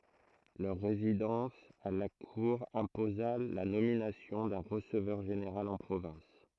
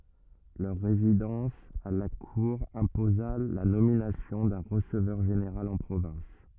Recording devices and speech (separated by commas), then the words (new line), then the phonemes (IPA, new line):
throat microphone, rigid in-ear microphone, read sentence
Leur résidence à la Cour imposa la nomination d’un receveur général en province.
lœʁ ʁezidɑ̃s a la kuʁ ɛ̃poza la nominasjɔ̃ dœ̃ ʁəsəvœʁ ʒeneʁal ɑ̃ pʁovɛ̃s